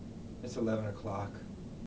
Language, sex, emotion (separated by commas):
English, male, neutral